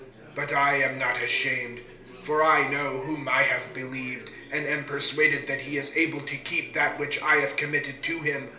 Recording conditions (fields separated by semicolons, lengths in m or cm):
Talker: one person; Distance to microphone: 1.0 m; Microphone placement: close; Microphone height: 1.1 m; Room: small (3.7 m by 2.7 m); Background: babble